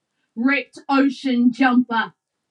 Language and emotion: English, angry